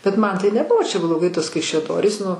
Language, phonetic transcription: Lithuanian, bet ˈman tai neˈbuvo čia bloˈgai ˈtuos kaišiaˈdorys nu

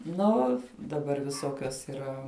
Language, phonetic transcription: Lithuanian, ˈnu daˈbar viˈsokios yˈra

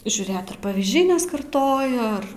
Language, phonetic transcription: Lithuanian, žiūˈrėt ar pavyzˈdžiai neskarˈtoja ˈar

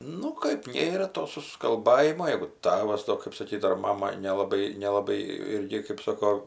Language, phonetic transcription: Lithuanian, ˈnu kaip ˈnėra to suskalˈbajimo ˈjeigu ˈtavas to kɜp saˈkyt ar ˈmama nelaˈbai nelaˈbai ˈirgi kɜp ˈsoko

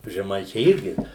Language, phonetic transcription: Lithuanian, žeˈmaičiai ˈirgi

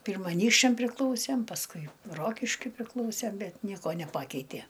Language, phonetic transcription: Lithuanian, ˈpyrma aˈnykščiam priˈklausem pasˈkui ˈrokiškiui priˈklausem ˈbet ˈnieko neˈpakeitė

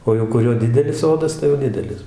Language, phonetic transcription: Lithuanian, ˈo jau kuˈrio ˈdidelis ˈsodas tai jau ˈdidelis

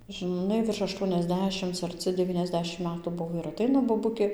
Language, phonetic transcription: Lithuanian, žɨˈnai virš ašˌtuoniasˈdešimc arˈci deˌvyniasˈdešim ˈmetų ˈbuvo ir aˈteina boˈbukė

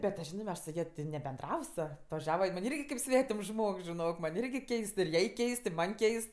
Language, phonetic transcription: Lithuanian, bet tu ˈžinɜ mes su ˈja ti nebenˈdravs atvaˈžiava jin man' ˈirgi kaip ˈsvetims ˈžmogs žiˈnok man' ˈirgi ˈkeist ir ˈjai ˈkeist i ˈman' ˈkeist

